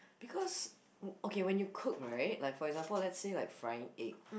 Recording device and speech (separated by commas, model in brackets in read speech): boundary microphone, conversation in the same room